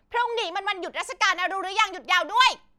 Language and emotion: Thai, angry